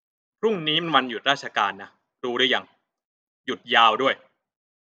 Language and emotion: Thai, frustrated